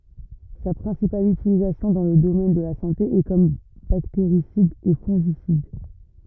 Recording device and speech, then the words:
rigid in-ear microphone, read sentence
Sa principale utilisation dans le domaine de la santé est comme bactéricide et fongicide.

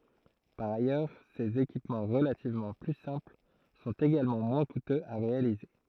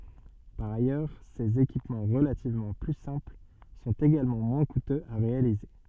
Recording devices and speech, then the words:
throat microphone, soft in-ear microphone, read sentence
Par ailleurs, ces équipements relativement plus simples sont également moins coûteux à réaliser.

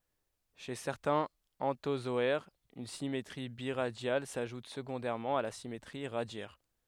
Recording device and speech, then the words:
headset microphone, read sentence
Chez certains anthozoaires, une symétrie biradiale s'ajoute secondairement à la symétrie radiaire.

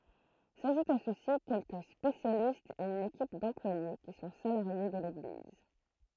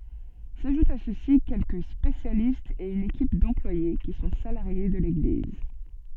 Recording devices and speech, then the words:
throat microphone, soft in-ear microphone, read sentence
S'ajoutent à ceux-ci quelques spécialistes et une équipe d'employés qui sont salariés de l'Église.

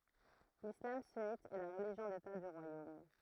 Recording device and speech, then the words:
throat microphone, read sentence
L'islam sunnite est la religion d'État du royaume.

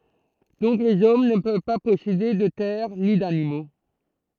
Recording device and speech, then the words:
throat microphone, read sentence
Donc les hommes ne peuvent pas posséder de terres ni d'animaux.

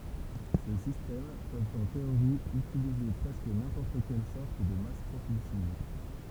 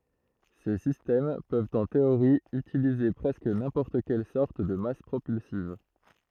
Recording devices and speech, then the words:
temple vibration pickup, throat microphone, read sentence
Ces systèmes peuvent en théorie utiliser presque n'importe quelle sorte de masse propulsive.

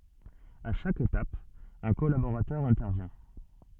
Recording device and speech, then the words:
soft in-ear microphone, read sentence
À chaque étape, un collaborateur intervient.

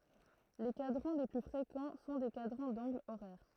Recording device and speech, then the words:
throat microphone, read sentence
Les cadrans les plus fréquents sont des cadrans d'angles horaires.

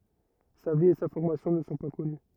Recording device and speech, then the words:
rigid in-ear microphone, read sentence
Sa vie et sa formation ne sont pas connues.

